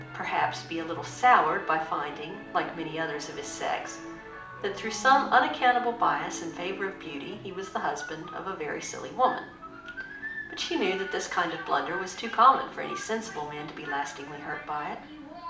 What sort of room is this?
A mid-sized room (about 5.7 m by 4.0 m).